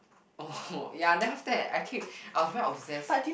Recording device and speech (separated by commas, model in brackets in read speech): boundary microphone, conversation in the same room